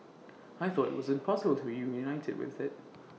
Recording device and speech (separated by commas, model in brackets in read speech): mobile phone (iPhone 6), read sentence